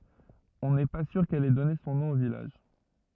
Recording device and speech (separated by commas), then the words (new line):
rigid in-ear microphone, read sentence
On n’est pas sûr qu’elle ait donné son nom au village.